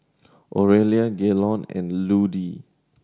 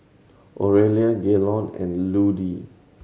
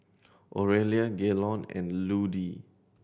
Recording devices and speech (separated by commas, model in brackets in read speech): standing microphone (AKG C214), mobile phone (Samsung C7100), boundary microphone (BM630), read sentence